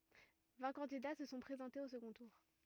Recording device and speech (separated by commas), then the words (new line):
rigid in-ear microphone, read sentence
Vingt candidats se sont présentés au second tour.